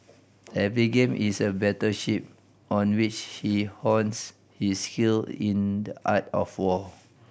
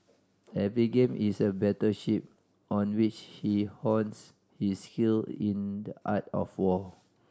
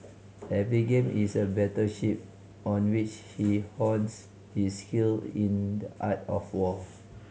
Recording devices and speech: boundary microphone (BM630), standing microphone (AKG C214), mobile phone (Samsung C5010), read sentence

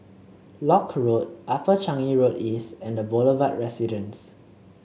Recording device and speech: mobile phone (Samsung C7), read sentence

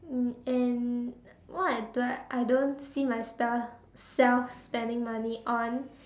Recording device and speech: standing microphone, conversation in separate rooms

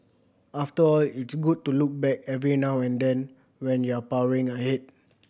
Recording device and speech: boundary microphone (BM630), read sentence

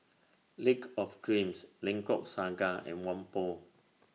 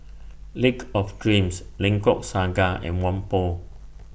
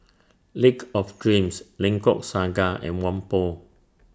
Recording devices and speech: mobile phone (iPhone 6), boundary microphone (BM630), standing microphone (AKG C214), read sentence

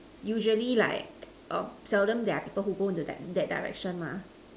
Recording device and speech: standing microphone, conversation in separate rooms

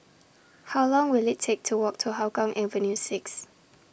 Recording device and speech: boundary microphone (BM630), read sentence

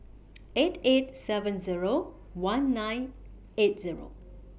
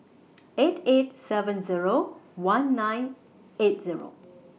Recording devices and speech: boundary microphone (BM630), mobile phone (iPhone 6), read sentence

